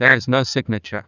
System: TTS, neural waveform model